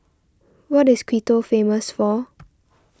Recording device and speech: standing microphone (AKG C214), read sentence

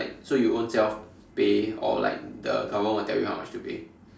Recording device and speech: standing microphone, conversation in separate rooms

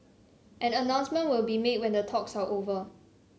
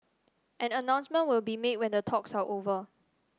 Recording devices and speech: mobile phone (Samsung C7), standing microphone (AKG C214), read sentence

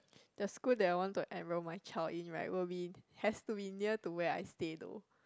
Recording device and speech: close-talking microphone, conversation in the same room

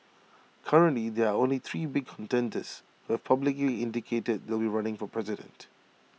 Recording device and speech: mobile phone (iPhone 6), read sentence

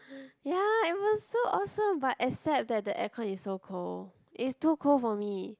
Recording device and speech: close-talking microphone, conversation in the same room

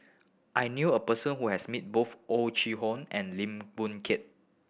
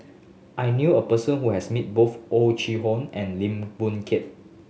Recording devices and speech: boundary microphone (BM630), mobile phone (Samsung S8), read sentence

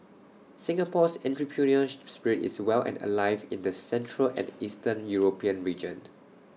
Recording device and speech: mobile phone (iPhone 6), read sentence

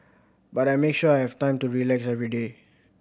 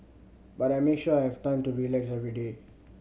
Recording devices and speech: boundary microphone (BM630), mobile phone (Samsung C7100), read sentence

